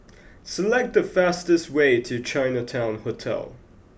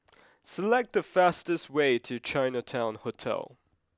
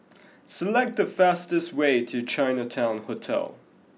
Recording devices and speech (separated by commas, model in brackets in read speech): boundary microphone (BM630), close-talking microphone (WH20), mobile phone (iPhone 6), read sentence